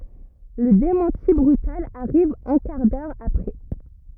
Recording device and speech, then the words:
rigid in-ear microphone, read sentence
Le démenti brutal arrive un quart d'heure après.

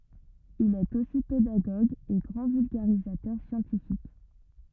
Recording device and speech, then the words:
rigid in-ear microphone, read sentence
Il est aussi pédagogue et grand vulgarisateur scientifique.

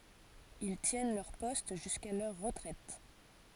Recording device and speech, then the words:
forehead accelerometer, read sentence
Ils tiennent leur poste jusqu'à leur retraite.

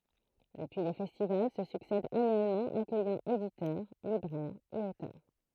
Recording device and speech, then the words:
throat microphone, read sentence
Depuis les festivals se succèdent annuellement, accueillant éditeurs, libraires et auteurs.

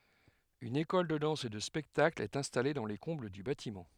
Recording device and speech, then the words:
headset microphone, read sentence
Une école de danse et de spectacle est installée dans les combles du bâtiment.

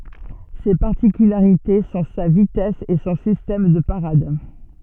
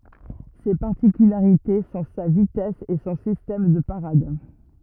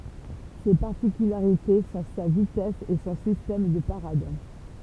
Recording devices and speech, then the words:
soft in-ear microphone, rigid in-ear microphone, temple vibration pickup, read sentence
Ses particularités sont sa vitesse et son système de parade.

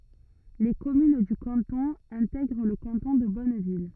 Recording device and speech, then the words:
rigid in-ear microphone, read sentence
Les communes du canton intègrent le canton de Bonneville.

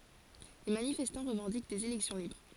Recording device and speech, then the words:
forehead accelerometer, read sentence
Les manifestants revendiquent des élections libres.

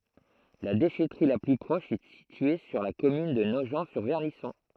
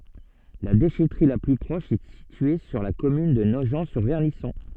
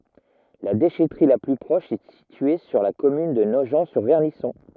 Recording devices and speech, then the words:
throat microphone, soft in-ear microphone, rigid in-ear microphone, read sentence
La déchèterie la plus proche est située sur la commune de Nogent-sur-Vernisson.

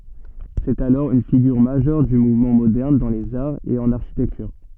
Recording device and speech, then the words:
soft in-ear microphone, read sentence
C’est alors une figure majeure du mouvement moderne dans les arts et en architecture.

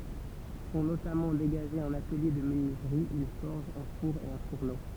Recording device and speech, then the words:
temple vibration pickup, read sentence
Sont notamment dégagés un atelier de menuiserie, une forge, un four et un fourneau.

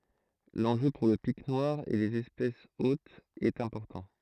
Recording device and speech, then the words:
throat microphone, read sentence
L'enjeu pour le Pic noir et les espèces hôtes est important.

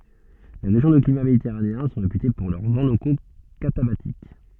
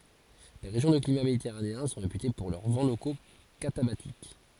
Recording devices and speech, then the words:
soft in-ear microphone, forehead accelerometer, read sentence
Les régions de climat méditerranéen sont réputées pour leurs vents locaux catabatiques.

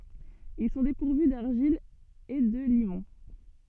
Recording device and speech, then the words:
soft in-ear microphone, read sentence
Ils sont dépourvus d’argile et de limon.

